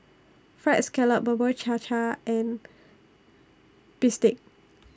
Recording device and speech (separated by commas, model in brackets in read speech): standing microphone (AKG C214), read sentence